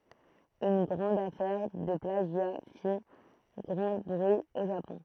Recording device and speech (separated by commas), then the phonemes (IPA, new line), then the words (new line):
throat microphone, read sentence
yn ɡʁɑ̃d afɛʁ də plaʒja fi ɡʁɑ̃ bʁyi o ʒapɔ̃
Une grande affaire de plagiat fit grand bruit au Japon.